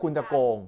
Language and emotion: Thai, frustrated